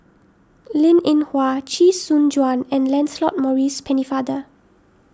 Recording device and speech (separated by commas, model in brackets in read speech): standing microphone (AKG C214), read sentence